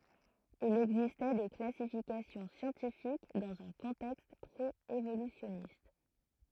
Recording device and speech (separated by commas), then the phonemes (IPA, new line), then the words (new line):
throat microphone, read sentence
il ɛɡzistɛ de klasifikasjɔ̃ sjɑ̃tifik dɑ̃z œ̃ kɔ̃tɛkst pʁeevolysjɔnist
Il existait des classifications scientifiques dans un contexte pré-évolutionniste.